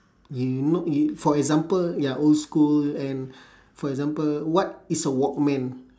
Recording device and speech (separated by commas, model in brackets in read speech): standing microphone, conversation in separate rooms